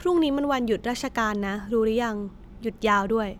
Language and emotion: Thai, neutral